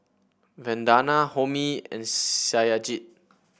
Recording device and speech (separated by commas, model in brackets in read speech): boundary microphone (BM630), read sentence